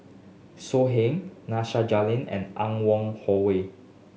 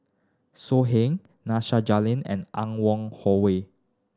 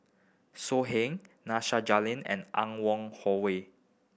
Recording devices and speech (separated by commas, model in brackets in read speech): mobile phone (Samsung S8), standing microphone (AKG C214), boundary microphone (BM630), read sentence